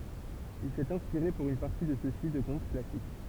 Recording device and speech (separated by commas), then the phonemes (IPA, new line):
temple vibration pickup, read sentence
il sɛt ɛ̃spiʁe puʁ yn paʁti də søksi də kɔ̃t klasik